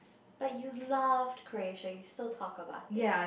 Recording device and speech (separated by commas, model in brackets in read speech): boundary microphone, conversation in the same room